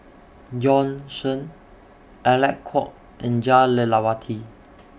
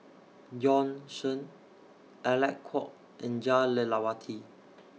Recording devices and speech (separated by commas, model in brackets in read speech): boundary microphone (BM630), mobile phone (iPhone 6), read sentence